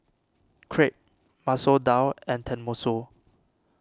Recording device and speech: standing microphone (AKG C214), read sentence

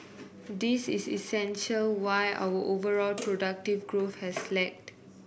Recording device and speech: boundary microphone (BM630), read sentence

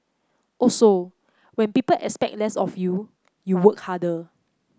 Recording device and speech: close-talking microphone (WH30), read sentence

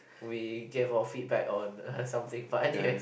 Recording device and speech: boundary microphone, conversation in the same room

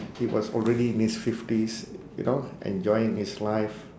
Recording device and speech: standing microphone, conversation in separate rooms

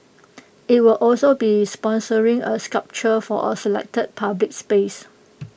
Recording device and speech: boundary microphone (BM630), read sentence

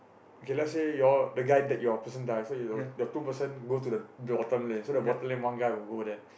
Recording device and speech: boundary microphone, conversation in the same room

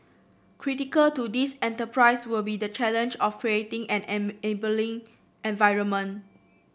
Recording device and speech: boundary microphone (BM630), read sentence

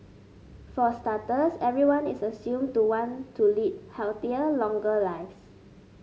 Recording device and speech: mobile phone (Samsung S8), read sentence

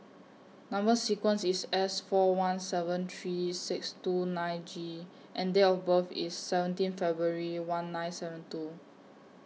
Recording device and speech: mobile phone (iPhone 6), read sentence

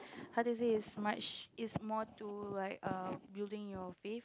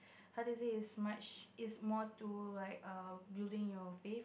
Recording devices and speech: close-talking microphone, boundary microphone, conversation in the same room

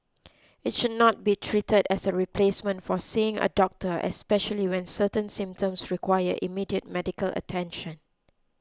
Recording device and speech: close-talking microphone (WH20), read sentence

